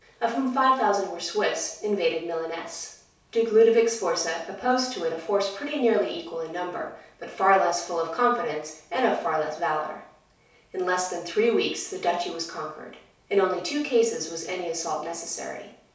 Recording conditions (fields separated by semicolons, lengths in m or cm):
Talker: one person; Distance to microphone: 3.0 m; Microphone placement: far; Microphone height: 1.8 m; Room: small (3.7 m by 2.7 m); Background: none